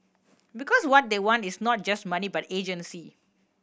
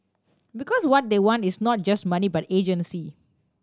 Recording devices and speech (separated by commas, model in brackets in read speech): boundary microphone (BM630), standing microphone (AKG C214), read sentence